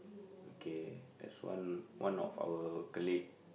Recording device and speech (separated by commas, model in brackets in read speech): boundary microphone, conversation in the same room